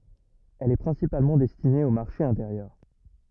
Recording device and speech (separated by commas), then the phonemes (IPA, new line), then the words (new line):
rigid in-ear microphone, read sentence
ɛl ɛ pʁɛ̃sipalmɑ̃ dɛstine o maʁʃe ɛ̃teʁjœʁ
Elle est principalement destinée au marché intérieur.